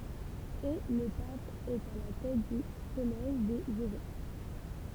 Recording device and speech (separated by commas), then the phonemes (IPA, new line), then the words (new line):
temple vibration pickup, read sentence
e lə pap ɛt a la tɛt dy kɔlɛʒ dez evɛk
Et le Pape est à la tête du collège des évêques.